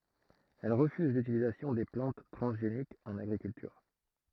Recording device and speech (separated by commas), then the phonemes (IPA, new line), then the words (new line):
throat microphone, read sentence
ɛl ʁəfyz lytilizasjɔ̃ de plɑ̃t tʁɑ̃zʒenikz ɑ̃n aɡʁikyltyʁ
Elle refuse l'utilisation des plantes transgéniques en agriculture.